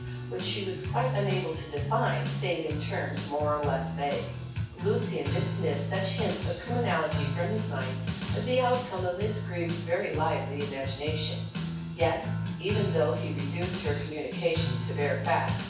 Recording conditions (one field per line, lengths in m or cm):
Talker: one person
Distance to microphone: 9.8 m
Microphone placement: far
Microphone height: 1.8 m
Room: large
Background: music